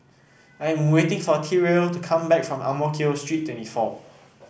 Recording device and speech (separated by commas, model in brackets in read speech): boundary microphone (BM630), read sentence